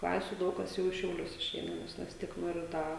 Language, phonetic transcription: Lithuanian, ˈklasiu ˈdaug kas ˈjau i šiauˈlius išˈeina ˈnes vis ˈtiek ˈnori ˈda

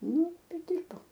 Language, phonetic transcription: Lithuanian, ˈnu ˈtai ˈdirbau

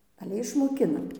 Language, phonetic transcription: Lithuanian, aˈle išmoˈkinam

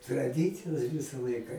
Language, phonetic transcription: Lithuanian, traˈdicijos ˈvisa ˈlaika

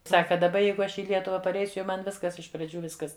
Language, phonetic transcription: Lithuanian, ˈsaka daˈba ˈjeigu ˈaš i ˈlietuva parˈeisiu jau ˈman ˈviskas iš praˈdžių ˈviskas

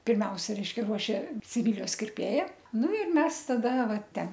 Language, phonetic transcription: Lithuanian, pirˈmiausia ˈreiškia ˈruošė siˈvylijos kirˈpėja ˈnu ir ˈmes taˈda ˈva ˈten

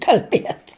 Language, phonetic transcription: Lithuanian, kal'ˈbiet

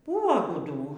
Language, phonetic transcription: Lithuanian, ˈbuvo guˈdų

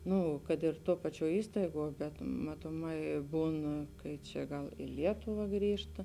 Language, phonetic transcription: Lithuanian, ˈnu kad ir ˈtuo ˈpaˌčiuo ˈįstaiˌguo bet matoˈmai ˈbūn kai ˈčia ˈgal i ˈlietuva ˈgrįžta

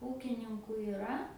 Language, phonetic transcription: Lithuanian, ˈūkininku iˈra

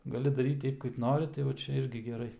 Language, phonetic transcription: Lithuanian, gaˈli daˈryt ˈteip kaip ˈnori tai va ˈčia ˈirgi geˈrai

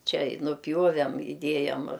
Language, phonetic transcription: Lithuanian, ˈčia i nuˈpjuovem iˈdiejam

